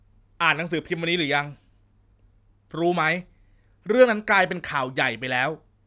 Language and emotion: Thai, frustrated